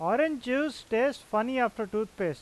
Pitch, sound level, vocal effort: 225 Hz, 93 dB SPL, loud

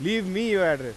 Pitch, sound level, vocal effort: 195 Hz, 98 dB SPL, very loud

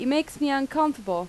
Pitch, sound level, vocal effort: 280 Hz, 87 dB SPL, loud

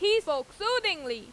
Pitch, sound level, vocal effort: 385 Hz, 96 dB SPL, very loud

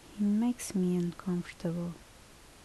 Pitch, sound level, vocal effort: 180 Hz, 70 dB SPL, soft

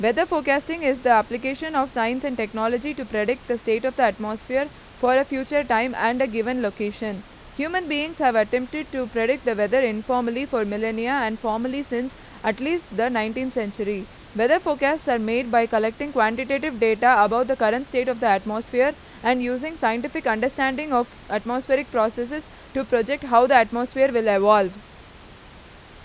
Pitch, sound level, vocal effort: 245 Hz, 92 dB SPL, very loud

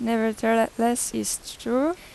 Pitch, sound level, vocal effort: 230 Hz, 86 dB SPL, normal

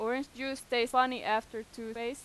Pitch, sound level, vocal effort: 240 Hz, 93 dB SPL, loud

